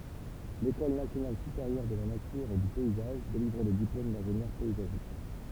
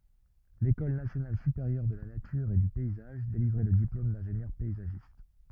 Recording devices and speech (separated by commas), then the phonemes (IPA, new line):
temple vibration pickup, rigid in-ear microphone, read sentence
lekɔl nasjonal sypeʁjœʁ də la natyʁ e dy pɛizaʒ delivʁɛ lə diplom dɛ̃ʒenjœʁ pɛizaʒist